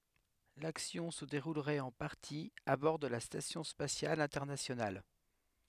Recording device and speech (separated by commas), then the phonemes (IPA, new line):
headset microphone, read sentence
laksjɔ̃ sə deʁulʁɛt ɑ̃ paʁti a bɔʁ də la stasjɔ̃ spasjal ɛ̃tɛʁnasjonal